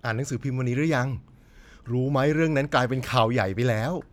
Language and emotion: Thai, happy